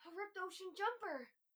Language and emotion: English, surprised